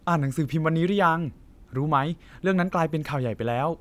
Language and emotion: Thai, neutral